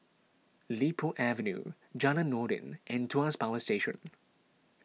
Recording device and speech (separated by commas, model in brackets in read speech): mobile phone (iPhone 6), read sentence